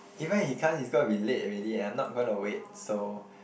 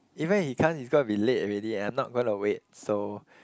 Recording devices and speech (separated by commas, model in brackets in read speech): boundary microphone, close-talking microphone, conversation in the same room